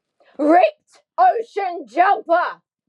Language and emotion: English, angry